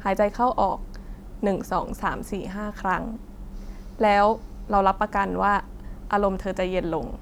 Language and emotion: Thai, neutral